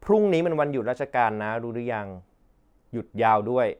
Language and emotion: Thai, neutral